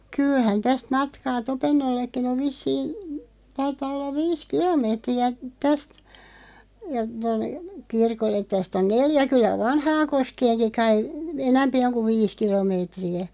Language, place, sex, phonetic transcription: Finnish, Loppi, female, 'kylhän 'täst 'matkaa "Topennollekkin ‿ov 'vissiin̬ , 'taitaa ollav 'viis "kilo'meetri₍ä , 'täst , ja tonne , "kirkollet 'täst ‿on "neljä 'kyllä "Vanhaaŋkoskeeŋki kai , "enämpi oŋ kuᵛ 'viis 'kilomeetri₍ä .
- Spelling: kyllähän tästä matkaa Topennollekin on vissiin taitaa olla viisi kilometriä tästä ja tuonne kirkolle tästä on neljä kyllä Vanhaankoskeenkin kai enempi on kuin viisi kilometriä

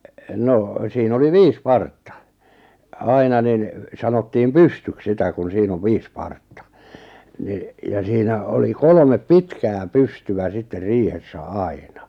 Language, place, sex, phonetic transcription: Finnish, Lappajärvi, male, 'no , sii'n ‿oli "viis "partta , 'aina nin , 'sa-nottiim "pystyk 'sitä kun 'siin ‿ov "viis "partta , ni , ja 'siinä oli "kolᵒmep "pitkää "pystyvä 'sitter "riihessä "ài̬na .
- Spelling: no siinä oli viisi partta aina niin sanottiin pystyksi sitä kun siinä on viisi partta niin ja siinä oli kolme pitkää pystyä sitten riihessä aina

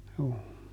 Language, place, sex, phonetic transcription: Finnish, Juupajoki, male, juu .
- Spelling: juu

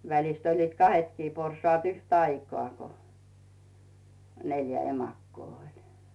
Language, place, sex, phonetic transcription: Finnish, Rautu, female, välist oĺliit "kahetkii 'porsaat 'yht"aikoà ko , 'neljä "emakkoo 'oĺ .
- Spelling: välistä olivat kahdetkin porsaat yhtä aikaa kun neljä emakkoa oli

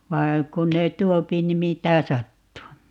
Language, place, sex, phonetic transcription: Finnish, Paavola, female, 'vai̮ , 'kun ne "tuopi ni 'mitä "sattuu .
- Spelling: vaan kun ne tuo niin mitä sattuu

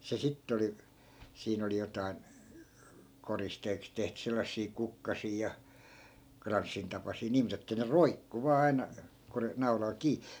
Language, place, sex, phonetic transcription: Finnish, Askola, male, se 'sitt ‿oli , 'siin ‿oli jotai̮n , 'koristeeks tehty 'sellassii 'kukkasii ja , 'kranssintapasii nii 'mut ‿että ne "roikku 'vaa 'ai̮na , ko ne 'naulal 'kii .
- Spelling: se sitten oli siinä oli jotakin koristeeksi tehty sellaisia kukkasia ja kranssintapaisia niin mutta että ne roikkui vain aina kun ne naulalla kiinni

